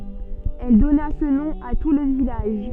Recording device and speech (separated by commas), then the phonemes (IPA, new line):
soft in-ear microphone, read sentence
ɛl dɔna sə nɔ̃ a tu lə vilaʒ